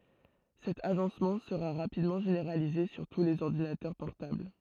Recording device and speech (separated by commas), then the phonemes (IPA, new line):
throat microphone, read sentence
sɛt aʒɑ̃smɑ̃ səʁa ʁapidmɑ̃ ʒeneʁalize syʁ tu lez ɔʁdinatœʁ pɔʁtabl